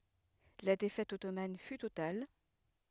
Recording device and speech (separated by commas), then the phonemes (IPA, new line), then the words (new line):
headset microphone, read sentence
la defɛt ɔtoman fy total
La défaite ottomane fut totale.